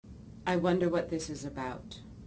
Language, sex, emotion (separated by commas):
English, female, neutral